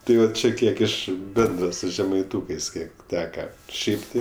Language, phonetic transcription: Lithuanian, ˈtai jau ˈčia ˈkiek ˈiš ˈbendra su žemaiˈtūkɜs ˈkiek ˈteka ˈšiaip ti

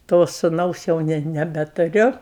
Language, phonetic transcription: Lithuanian, to suˈnaus jau ˈne nebetuˈriu

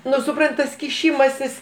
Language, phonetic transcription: Lithuanian, ˈnu suˈprant tas kiˈšimasis

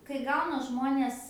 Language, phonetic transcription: Lithuanian, kai ˈgauna ˈžmonės

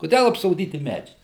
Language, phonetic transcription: Lithuanian, kuˈdel apsoˈdyti ˈmedžiais

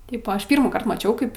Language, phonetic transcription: Lithuanian, ˈtaip o ˈaš ˈpyrmųkart maˈčiau ˈkaip

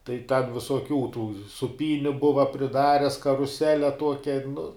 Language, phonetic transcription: Lithuanian, tai ten visuoˈkių tų suˈpyniu ˈbuva priˈdares karuˈsele ˈtuokia nu

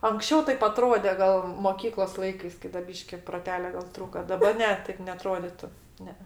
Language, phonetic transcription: Lithuanian, anksˈčiau ˈtaip aˈtrode ˈgal moˈkyklos ˈlaikais ˈkai da ˈbyški proˈtelio gal ˈtrūka daˈba ˈne ˈtaip neaˈtroditu ˈne e

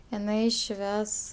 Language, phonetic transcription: Lithuanian, iˈnai ˈšves

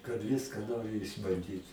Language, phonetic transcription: Lithuanian, kad ˈviska ˈnori išbanˈdyt

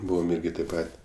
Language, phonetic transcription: Lithuanian, ˈbūvom ˈirgi taip ˈpat'

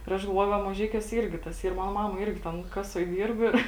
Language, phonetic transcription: Lithuanian, ir ˈaš galˈvuoju ˈva maˈžeikiuose ˈirgi tas ˈyr ˈmano ˈmama ˈirgi ten ˈkasuoj ˈdyrb ir

